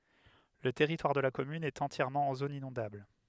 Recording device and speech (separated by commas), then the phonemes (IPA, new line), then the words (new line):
headset microphone, read sentence
lə tɛʁitwaʁ də la kɔmyn ɛt ɑ̃tjɛʁmɑ̃ ɑ̃ zon inɔ̃dabl
Le territoire de la commune est entièrement en zone inondable.